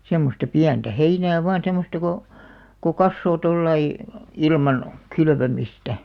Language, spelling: Finnish, semmoista pientä heinää vain semmoista kun kun kasvaa tuolla lailla ilman kylvämistä
- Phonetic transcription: 'semmosta 'piäntä "heinää vaan̬§ 'semmosta ko , ko "kassoo 'tollai , "ilman , 'kylvömistä .

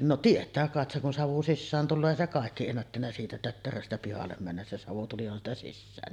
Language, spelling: Finnish, no tietää kai sen kun savu sisään tulee ei se kaikki ennättänyt siitä tötteröstä pihalle mennä se savu tulihan sitä sisäänkin
- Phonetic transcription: no 'tiet̀ää kàet seŋ kun 'savu "sissään 'tulloo èi se kàekki ennättännä 'siitä 'tötteröstä pihallem männäs se 'savu "tulihan ‿sta 'sissäänni .

